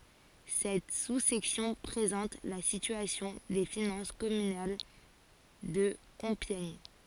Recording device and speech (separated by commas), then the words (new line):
forehead accelerometer, read sentence
Cette sous-section présente la situation des finances communales de Compiègne.